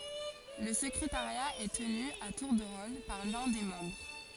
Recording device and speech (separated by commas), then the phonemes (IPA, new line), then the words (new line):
forehead accelerometer, read sentence
lə səkʁetaʁja ɛ təny a tuʁ də ʁol paʁ lœ̃ de mɑ̃bʁ
Le secrétariat est tenu à tour de rôle par l'un des membres.